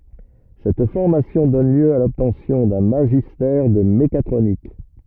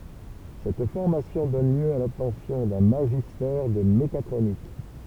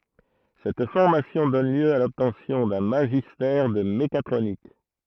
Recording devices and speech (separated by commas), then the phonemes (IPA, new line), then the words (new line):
rigid in-ear microphone, temple vibration pickup, throat microphone, read sentence
sɛt fɔʁmasjɔ̃ dɔn ljø a lɔbtɑ̃sjɔ̃ dœ̃ maʒistɛʁ də mekatʁonik
Cette formation donne lieu à l'obtention d'un magistère de mécatronique.